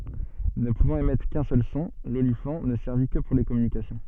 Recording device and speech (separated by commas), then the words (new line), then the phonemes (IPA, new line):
soft in-ear microphone, read sentence
Ne pouvant émettre qu'un seul son, l'olifant ne servit que pour les communications.
nə puvɑ̃t emɛtʁ kœ̃ sœl sɔ̃ lolifɑ̃ nə sɛʁvi kə puʁ le kɔmynikasjɔ̃